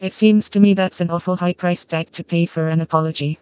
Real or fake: fake